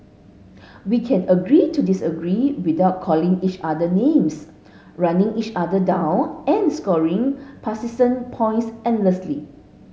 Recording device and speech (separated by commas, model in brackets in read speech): mobile phone (Samsung S8), read sentence